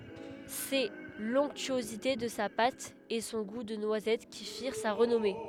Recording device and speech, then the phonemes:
headset microphone, read sentence
sɛ lɔ̃ktyozite də sa pat e sɔ̃ ɡu də nwazɛt ki fiʁ sa ʁənɔme

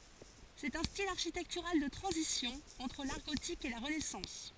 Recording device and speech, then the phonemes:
forehead accelerometer, read sentence
sɛt œ̃ stil aʁʃitɛktyʁal də tʁɑ̃zisjɔ̃ ɑ̃tʁ laʁ ɡotik e la ʁənɛsɑ̃s

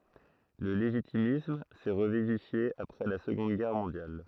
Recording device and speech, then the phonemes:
throat microphone, read sentence
lə leʒitimism sɛ ʁəvivifje apʁɛ la səɡɔ̃d ɡɛʁ mɔ̃djal

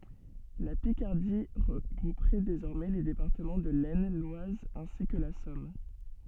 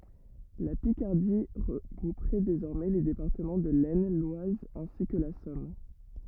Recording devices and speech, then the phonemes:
soft in-ear microphone, rigid in-ear microphone, read sentence
la pikaʁdi ʁəɡʁupʁɛ dezɔʁmɛ le depaʁtəmɑ̃ də lɛsn lwaz ɛ̃si kə la sɔm

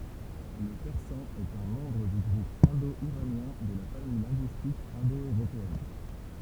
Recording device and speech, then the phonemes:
temple vibration pickup, read sentence
lə pɛʁsɑ̃ ɛt œ̃ mɑ̃bʁ dy ɡʁup ɛ̃do iʁanjɛ̃ də la famij lɛ̃ɡyistik ɛ̃do øʁopeɛn

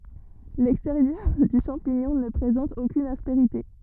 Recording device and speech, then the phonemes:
rigid in-ear microphone, read sentence
lɛksteʁjœʁ dy ʃɑ̃piɲɔ̃ nə pʁezɑ̃t okyn aspeʁite

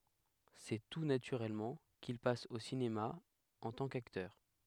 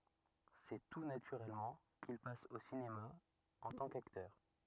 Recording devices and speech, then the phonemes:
headset microphone, rigid in-ear microphone, read sentence
sɛ tu natyʁɛlmɑ̃ kil pas o sinema ɑ̃ tɑ̃ kaktœʁ

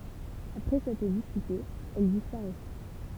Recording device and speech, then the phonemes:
temple vibration pickup, read sentence
apʁɛ sɛtʁ dispytez ɛl dispaʁɛs

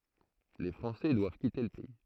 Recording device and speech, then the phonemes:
throat microphone, read sentence
le fʁɑ̃sɛ dwav kite lə pɛi

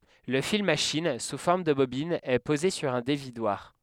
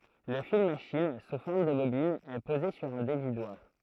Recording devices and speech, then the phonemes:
headset microphone, throat microphone, read sentence
lə fil maʃin su fɔʁm də bobin ɛ poze syʁ œ̃ devidwaʁ

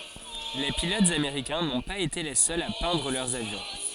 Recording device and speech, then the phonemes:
forehead accelerometer, read sentence
le pilotz ameʁikɛ̃ nɔ̃ paz ete le sœlz a pɛ̃dʁ lœʁz avjɔ̃

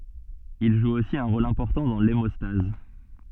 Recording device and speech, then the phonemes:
soft in-ear microphone, read sentence
il ʒu osi œ̃ ʁol ɛ̃pɔʁtɑ̃ dɑ̃ lemɔstaz

